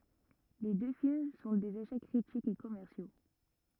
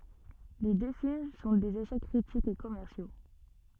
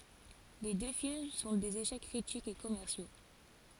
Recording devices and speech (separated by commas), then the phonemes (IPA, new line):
rigid in-ear microphone, soft in-ear microphone, forehead accelerometer, read sentence
le dø film sɔ̃ dez eʃɛk kʁitikz e kɔmɛʁsjo